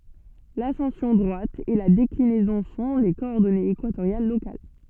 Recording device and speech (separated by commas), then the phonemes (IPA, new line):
soft in-ear microphone, read sentence
lasɑ̃sjɔ̃ dʁwat e la deklinɛzɔ̃ sɔ̃ le kɔɔʁdɔnez ekwatoʁjal lokal